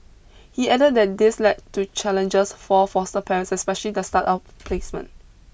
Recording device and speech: boundary microphone (BM630), read sentence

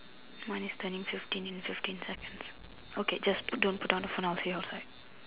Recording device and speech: telephone, conversation in separate rooms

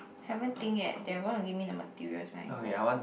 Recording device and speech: boundary microphone, conversation in the same room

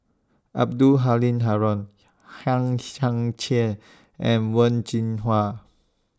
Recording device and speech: standing microphone (AKG C214), read sentence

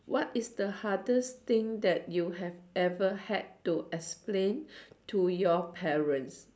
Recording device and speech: standing microphone, conversation in separate rooms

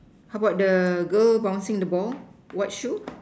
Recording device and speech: standing microphone, conversation in separate rooms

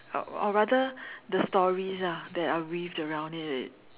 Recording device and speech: telephone, conversation in separate rooms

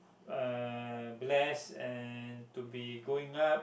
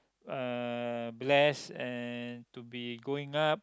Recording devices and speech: boundary microphone, close-talking microphone, conversation in the same room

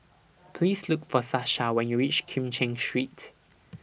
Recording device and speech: boundary microphone (BM630), read sentence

